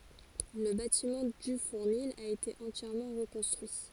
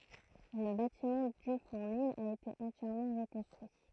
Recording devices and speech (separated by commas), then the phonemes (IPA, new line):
forehead accelerometer, throat microphone, read sentence
lə batimɑ̃ dy fuʁnil a ete ɑ̃tjɛʁmɑ̃ ʁəkɔ̃stʁyi